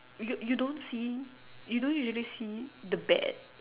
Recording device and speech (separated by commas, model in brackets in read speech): telephone, conversation in separate rooms